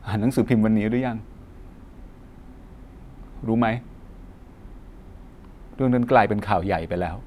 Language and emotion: Thai, sad